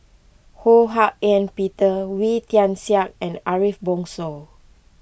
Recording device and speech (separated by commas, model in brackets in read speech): boundary microphone (BM630), read sentence